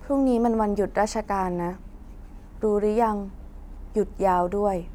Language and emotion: Thai, neutral